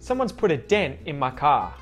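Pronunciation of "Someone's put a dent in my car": In 'dent', the t after the n is muted.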